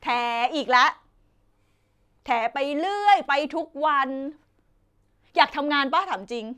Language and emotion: Thai, frustrated